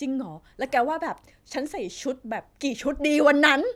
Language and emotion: Thai, happy